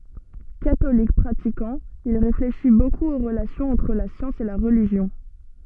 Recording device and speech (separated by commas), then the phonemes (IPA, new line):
soft in-ear microphone, read sentence
katolik pʁatikɑ̃ il ʁefleʃi bokup o ʁəlasjɔ̃z ɑ̃tʁ la sjɑ̃s e la ʁəliʒjɔ̃